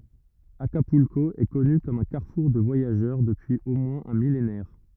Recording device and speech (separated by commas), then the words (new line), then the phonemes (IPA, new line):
rigid in-ear microphone, read sentence
Acapulco est connu comme un carrefour de voyageurs depuis au moins un millénaire.
akapylko ɛ kɔny kɔm œ̃ kaʁfuʁ də vwajaʒœʁ dəpyiz o mwɛ̃z œ̃ milenɛʁ